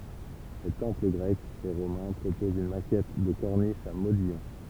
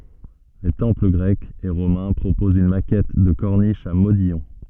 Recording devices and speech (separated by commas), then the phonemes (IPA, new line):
temple vibration pickup, soft in-ear microphone, read sentence
le tɑ̃pl ɡʁɛkz e ʁomɛ̃ pʁopozt yn makɛt də kɔʁniʃ a modijɔ̃